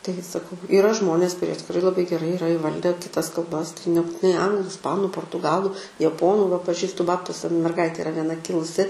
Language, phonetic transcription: Lithuanian, ˈtaigi saˈkau yˈra ˈžmonės kuˈrie tikrai labai geˈrai yˈra iˈvalde kiˈtas kalˈbas tai neb nebutiˈnai ˈanglu isˈpanu portuˈgalu jaˈponų va paˈžįstu ˈbabtuse merˈgaitė iˈra vieˈna ˈkilusi

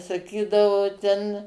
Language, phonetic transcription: Lithuanian, saˈkydavo ˈten

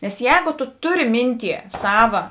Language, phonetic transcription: Lithuanian, nes ˈjēgo to ˈtuˌri ˈminˌtie ˈsava

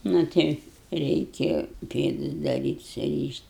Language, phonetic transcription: Lithuanian, nu ˈtai reiˈkėjo ˈpėdus daˈryt' suryš't'

